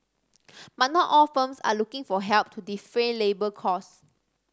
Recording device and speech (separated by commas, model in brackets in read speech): standing microphone (AKG C214), read sentence